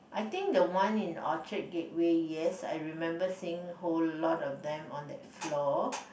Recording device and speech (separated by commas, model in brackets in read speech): boundary microphone, conversation in the same room